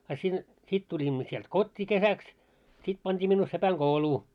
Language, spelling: Finnish, a sinne sitten tulimme sieltä kotiin kesäksi sitten pantiin minua sepänkouluun
- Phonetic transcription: a sin , 'sit tuĺimmo sielt "kot́t́ii 'kesäks , 'sit pant́ii minnuu 'sepäŋ"ɢouluu .

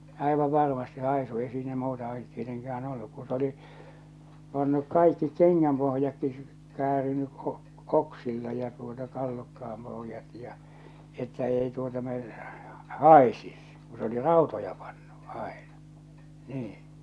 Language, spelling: Finnish, aivan varmasti haisu ei siinä muuta ollut tietenkään ollut kun se oli pannut kaikki kengänpohjatkin käärinyt - - oksilla ja tuota tallukkaan pohjat ja että ei tuota - haisisi kun se oli rautoja pannut aina niin
- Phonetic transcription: 'àivav varmastɪ 'haisu 'ei siinä 'muuta ollut 'tieteŋkään 'olluk kun̬ s ‿oli , pannuk 'kaikki 'keŋŋämpohjakki , 'kääriny , o- , k- 'oksilla ja tuota 'tallukka₍am poh°jat ja , että 'ei tuota me- , "hàesis , ku s ‿oli "ràotoja pannu , 'àena , 'nii .

